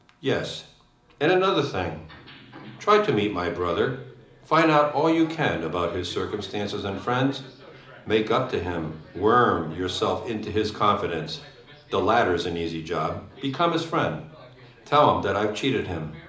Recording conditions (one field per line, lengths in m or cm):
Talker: one person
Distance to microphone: 2.0 m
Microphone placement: close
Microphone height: 99 cm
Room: medium-sized (5.7 m by 4.0 m)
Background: television